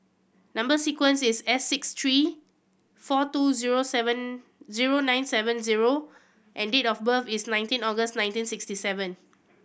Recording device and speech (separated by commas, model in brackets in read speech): boundary microphone (BM630), read sentence